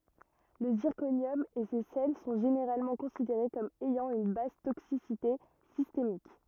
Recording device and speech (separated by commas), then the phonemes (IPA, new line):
rigid in-ear microphone, read sentence
lə ziʁkonjɔm e se sɛl sɔ̃ ʒeneʁalmɑ̃ kɔ̃sideʁe kɔm ɛjɑ̃ yn bas toksisite sistemik